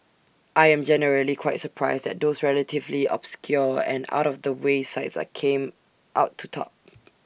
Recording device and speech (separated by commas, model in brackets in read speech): boundary microphone (BM630), read sentence